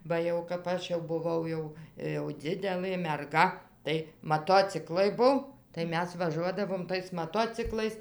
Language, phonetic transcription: Lithuanian, ˈba jau kap ˈaš jau buˈvau jau jau ˈdzidelɘ merˈga tai maˈtociklai ˈbuv tai ˈmes vaˈžuodavom tais maˈtociklais

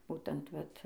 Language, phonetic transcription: Lithuanian, ˈbūtent ˈvat

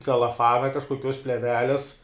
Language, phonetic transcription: Lithuanian, celaˈfana kažkoˈkios pleˈveles

